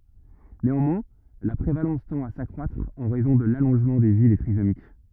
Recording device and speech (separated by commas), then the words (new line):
rigid in-ear microphone, read sentence
Néanmoins, la prévalence tend à s’accroître, en raison de l'allongement de vie des trisomiques.